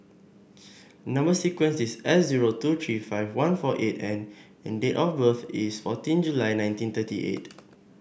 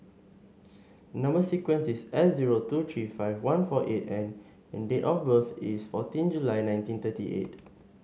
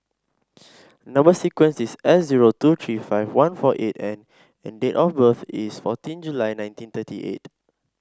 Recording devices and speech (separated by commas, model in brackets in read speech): boundary microphone (BM630), mobile phone (Samsung S8), standing microphone (AKG C214), read sentence